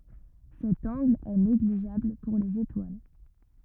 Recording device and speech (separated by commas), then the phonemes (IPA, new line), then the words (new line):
rigid in-ear microphone, read sentence
sɛt ɑ̃ɡl ɛ neɡliʒabl puʁ lez etwal
Cet angle est négligeable pour les étoiles.